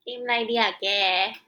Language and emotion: Thai, neutral